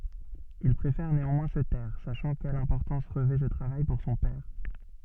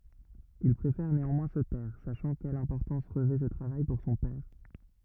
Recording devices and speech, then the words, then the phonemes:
soft in-ear microphone, rigid in-ear microphone, read sentence
Il préfère néanmoins se taire, sachant quelle importance revêt ce travail pour son père.
il pʁefɛʁ neɑ̃mwɛ̃ sə tɛʁ saʃɑ̃ kɛl ɛ̃pɔʁtɑ̃s ʁəvɛ sə tʁavaj puʁ sɔ̃ pɛʁ

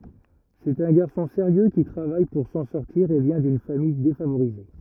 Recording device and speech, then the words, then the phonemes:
rigid in-ear microphone, read sentence
C'est un garçon sérieux qui travaille pour s’en sortir et vient d’une famille défavorisée.
sɛt œ̃ ɡaʁsɔ̃ seʁjø ki tʁavaj puʁ sɑ̃ sɔʁtiʁ e vjɛ̃ dyn famij defavoʁize

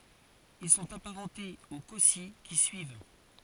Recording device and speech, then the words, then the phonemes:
forehead accelerometer, read sentence
Ils sont apparentés aux Cossi qui suivent.
il sɔ̃t apaʁɑ̃tez o kɔsi ki syiv

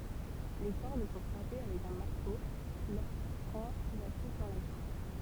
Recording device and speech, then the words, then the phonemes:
temple vibration pickup, read sentence
Les cordes sont frappées avec un marteau lorsqu'on appuie sur la touche.
le kɔʁd sɔ̃ fʁape avɛk œ̃ maʁto loʁskɔ̃n apyi syʁ la tuʃ

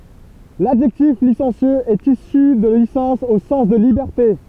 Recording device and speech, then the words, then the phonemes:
temple vibration pickup, read sentence
L'adjectif licencieux est issu de licence au sens de liberté.
ladʒɛktif lisɑ̃sjøz ɛt isy də lisɑ̃s o sɑ̃s də libɛʁte

